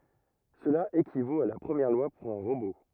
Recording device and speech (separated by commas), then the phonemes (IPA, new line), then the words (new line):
rigid in-ear microphone, read sentence
səla ekivot a la pʁəmjɛʁ lwa puʁ œ̃ ʁobo
Cela équivaut à la Première Loi pour un robot.